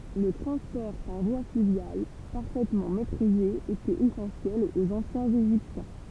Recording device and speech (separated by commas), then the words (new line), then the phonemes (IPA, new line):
temple vibration pickup, read sentence
Le transport par voie fluviale, parfaitement maîtrisé, était essentiel aux anciens Égyptiens.
lə tʁɑ̃spɔʁ paʁ vwa flyvjal paʁfɛtmɑ̃ mɛtʁize etɛt esɑ̃sjɛl oz ɑ̃sjɛ̃z eʒiptjɛ̃